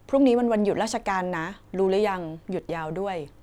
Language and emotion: Thai, neutral